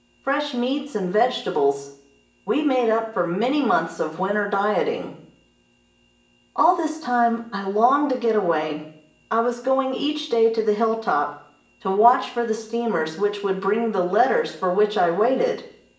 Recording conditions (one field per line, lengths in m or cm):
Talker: one person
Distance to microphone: 1.8 m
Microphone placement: close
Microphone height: 1.0 m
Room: large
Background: none